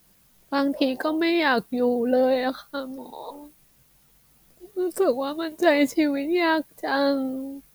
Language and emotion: Thai, sad